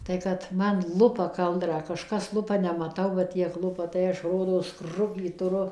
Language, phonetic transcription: Lithuanian, tai ˈkad ˈman ˈlupa ˈkaldrą kažˈkas ˈlupa nemaˈtau va ˈtiek ˈlupa tai ˈaš ˈrodos ˈkrukį tuˈru

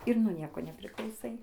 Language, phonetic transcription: Lithuanian, ir nuo ˈnieko nepriklauˈsai

